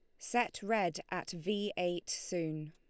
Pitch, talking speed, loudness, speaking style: 180 Hz, 145 wpm, -36 LUFS, Lombard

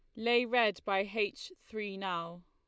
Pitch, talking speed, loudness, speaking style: 210 Hz, 160 wpm, -33 LUFS, Lombard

